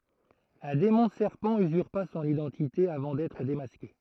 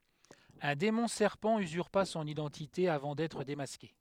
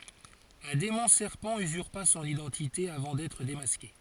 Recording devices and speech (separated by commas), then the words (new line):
throat microphone, headset microphone, forehead accelerometer, read sentence
Un démon serpent usurpa son identité avant d'être démasqué.